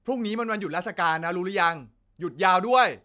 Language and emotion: Thai, angry